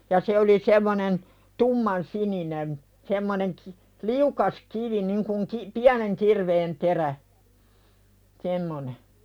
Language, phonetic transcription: Finnish, ja 'se oli 'semmonen , "tumman'sininem̳ , semmoneŋ ki- , "liukas kivi niŋ kuŋ ki- , "piäneŋ kirveen terä , 'semmone .
- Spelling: ja se oli semmoinen tummansininen semmoinen - liukas kivi niin kuin - pienen kirveen terä semmoinen

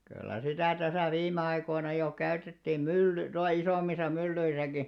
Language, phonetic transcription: Finnish, kyllä 'sitä̀ täsä 'viimme 'aikoina jo 'käytettiim "mylly- , 'tuaˡᵃ 'isòmmisa 'myllyisäki .
- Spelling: kyllä sitä tässä viime aikoina jo käytettiin - tuolla isommissa myllyissäkin

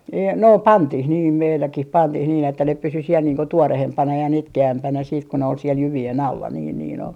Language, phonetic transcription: Finnish, ee- , no "pantih niim 'meilläkih 'pantih niin ‿että ne pysy siel niiŋ ko 'tuorehempana ja 'nitke₍ämpänä siit ko ne ol siel 'jyvi₍en "alla niin niin ‿ol .
- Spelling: - no pantiin niin meilläkin pantiin niin että ne pysyi siellä niin kuin tuoreempana ja nitkeämpänä sitten kun ne oli siellä jyvien alla niin niin oli

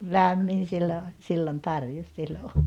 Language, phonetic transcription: Finnish, lämmin 'sillo oĺ , siilon ('tarjens) siellä olla .
- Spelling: lämmin silloin oli silloin tarkeni siellä olla

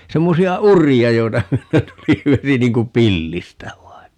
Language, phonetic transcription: Finnish, 'semmosi₍a "uri₍a 'joita ('myöten) 'tuli "vesi 'niiŋ kum "pillistä 'vain (ni) .
- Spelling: semmoisia uria joita myöten tuli vesi niin kuin pillistä vain niin

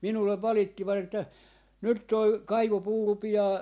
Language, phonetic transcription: Finnish, 'minullev 'valittivat ‿että , » 'nyt 'toi , "kaivopuu 'rupi₍aa , .
- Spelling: minulle valittivat että nyt tuo kaivopuu rupeaa

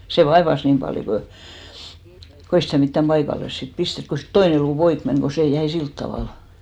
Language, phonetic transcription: Finnish, sè "vaevas 'niim paljo ko , ko ei sitä̀ 'mittäm 'paikalles sit "pistet ko siit 'toine luu "poik 'meŋ ko 'sè 'jäi "silt tavàl .
- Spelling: se vaivasi niin paljon kun kun ei sitä mitään paikalleen sitten pistetty kun siitä toinen luu poikki meni kun se jäi sillä tavalla

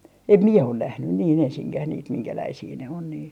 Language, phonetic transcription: Finnish, 'em "miɛ on 'nähnyn niin 'ensiŋkäh niit 'miŋkäläisii ne on niin .
- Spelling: en minä ole nähnyt niin ensinkään niitä minkälaisia ne on niin

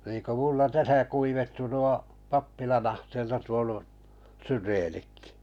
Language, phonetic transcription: Finnish, niiŋ ku 'mulla 'täsä 'kuivettu nuo , 'pappilan 'ahteella tuonu , 'syreenikkɪ .
- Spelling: niin kun minulla tässä kuivettui nuo pappilan ahteella tuonut syreenitkin

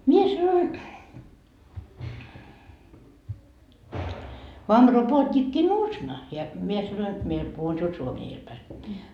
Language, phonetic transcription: Finnish, 'mie sanoin , » vam 'ropoot́ikki'nuusna » ja , mie sanoin , mie , 'puhun siul 'suomie iel päi .
- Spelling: minä sanoin vaan ropootikki nuusna ja minä sanoin minä puhun sinulle suomea edellä päin

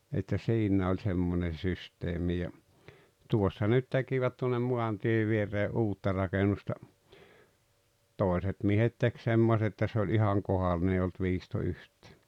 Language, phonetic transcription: Finnish, että 'siǹä oĺ 'semmonen̬ 'systeemi ja , "tuossa nyt 'tekivät tuonnem "muantie vieree "’uutta rakenusta , "tòeset miehet tek 'semmos ‿että sᵉ ‿oĺ ihaŋ "kohalline ei olt 'viisto yht̀ᴀ̈ᴀ̈ .
- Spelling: että siinä oli semmoinen systeemi ja tuossa nyt tekivät tuonne maantien viereen uutta rakennusta toiset miehet teki semmoista että se oli ihan kohdallinen ei ollut viisto yhtään

